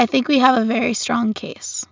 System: none